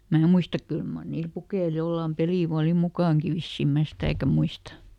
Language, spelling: Finnish, minä muista kyllä mar niillä pukeilla jollakin peliä vain oli mukanakin vissiin minä sitäkään muista
- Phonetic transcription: ˈmää muistak "kyl mar ˈniil ˈpukeil ˈjollàm "pelì vaa oli "mukàŋki ˈvissim mää ˈsitä̀kä muista .

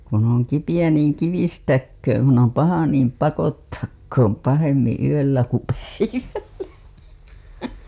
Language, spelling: Finnish, kun on kipeä niin - kivistäköön kun on paha niin pakottakoon pahemmin yöllä kuin päivällä
- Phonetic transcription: » kun ‿oŋ 'kipijä niiŋ "kivistäkkööŋ kun ‿om 'paha niim "pakottakkoom 'pahemmiḭ 'yöllä ku 'päivällä « .

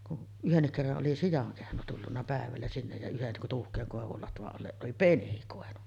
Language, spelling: Finnish, kun yhdenkin kerran oli sian kehno tullut päivällä sinne ja yhden tuuhean koivun latvan alle oli penikoinut
- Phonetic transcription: kun , 'yhennik kerraˀ ˀoli 'sijaŋ kehno tullunna 'pä̀evällä sinnej ja 'yhen tuuhk̀eeŋ kòevul 'latva’ ’alleˀ 'ˀoli "penikòenunna .

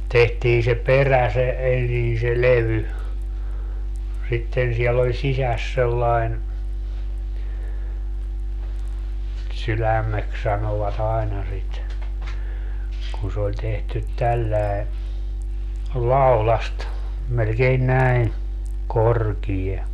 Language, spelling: Finnish, tehtiin se perä se ensin se levy sitten siellä oli sisässä sellainen sydämeksi sanoivat aina sitä kun se oli tehty tällä lailla laudasta melkein näin korkea
- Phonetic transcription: 'tehtii se "perä se , 'ensin se "levy , 'sitten siɛll ‿oĺ "sisäs sellaen , 'sylämmeks sanova't ‿aina sit , kun se oĺ tehtyt 'tälläe , "laulast , melkein 'näin , 'korkie .

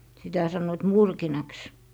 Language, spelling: Finnish, sitä sanoivat murkinaksi
- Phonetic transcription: sitä sannoit "murkinaks .

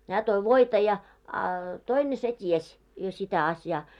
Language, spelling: Finnish, hän toi voita ja a toinen se tiesi jo sitä asiaa
- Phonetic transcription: 'hää toi 'voita ja , a 'toine se "ties , jo 'sitä 'asjaa .

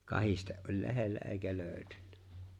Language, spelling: Finnish, kahdesti oli lähellä eikä löytynyt
- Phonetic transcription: ''kahiste’ ’oĺ 'le̬hellä '’e̬e̬ⁱkä 'lööʸtynnä .

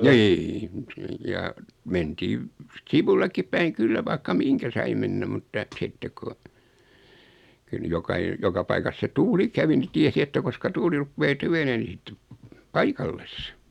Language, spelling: Finnish, niin just niin ja mentiin sivullekin päin kyllä vaikka minkä sai mennä mutta sitten kun kyllä nyt - joka paikassa se tuuli kävi niin tiesi että koska tuuli rupeaa tyvenemään niin sitten paikalleen
- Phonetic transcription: 'nii (ʲᵘˢᵗ ⁿⁱⁱ) ja , 'mentiiv , "sivullekkip päiŋ 'kyllä vaikka "miŋkä sai 'mennä mutta , 'sitteᵏ ku , 'kyl ny 'jokai- , 'joka paikas se 'tuuli kävi ni 'tiesi että koska 'tuuli ruppee "tyvenee ni 'sⁱttep , "paikalles .

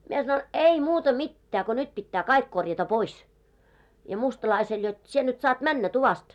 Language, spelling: Finnish, minä sanoin ei muuta mitään kun nyt pitää kaikki korjata pois ja mustalaiselle jotta sinä nyt saat mennä tuvasta
- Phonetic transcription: mie sanon , » "ei muuta "mittää ko 'nyt pittää 'kaik korjata "pois « , ja 'mustalaisel jot , » 'sie nyt saat "männä 'tuvast « .

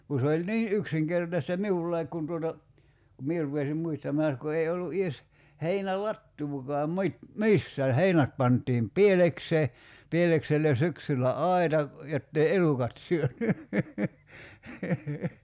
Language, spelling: Finnish, kun se oli niin yksinkertaista minullakin kun tuota kun minä rupesin muistamaan näet kun ei ollut edes heinälatoakaan - missään heinät pantiin pielekseen pielekselle syksyllä aita jotta ei elukat syönyt
- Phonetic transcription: ku se oĺ "nii '’yksiŋkertasta "miullaik kun tuota , ku 'mie rupesim 'muistamaa (näät) ko 'ei ollu '’ies , 'heinä"lattuukɔam 'mᵘit- , "missään̬ "heinät pant̀iim "pieleksee , 'pieleksellen̬ 'syksyllä "ai̬ta , 'jottei "elukat syöny .

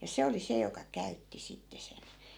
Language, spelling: Finnish, ja se oli se joka käytti sitten sen
- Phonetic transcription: ja 'se oli se joka 'käytti 'sitte 'sen .

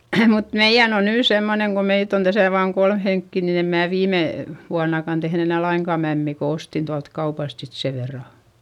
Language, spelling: Finnish, mutta meidän on nyt semmoinen kun meitä on tässä vain kolme henkeä niin en minä viime vuonnakaan tehnyt enää lainkaan mämmiä kun ostin tuolta kaupasta sitten sen verran
- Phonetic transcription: mut meiʲän ‿on nyy semmoneŋ ko meit ‿on täsä vaaŋ kolm heŋkki nin ‿em mää viime , vuannakan tehn ‿enä̀ laiŋkà mämmì ko ostin tualt kaupast sit se verra .

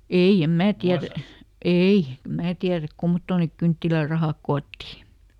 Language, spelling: Finnish, ei en minä tiedä ei en minä tiedä kummottoon ne kynttilärahat koottiin
- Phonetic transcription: "ei em "mää ˈtiärä "ei , em ˈmää tiäräk ˈkummottòn nèk "kynttilär̆rahàk ˈkootti .

